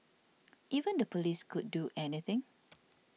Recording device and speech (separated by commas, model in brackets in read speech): mobile phone (iPhone 6), read sentence